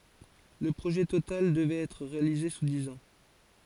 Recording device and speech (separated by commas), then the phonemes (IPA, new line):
forehead accelerometer, read sentence
lə pʁoʒɛ total dəvʁɛt ɛtʁ ʁealize su diz ɑ̃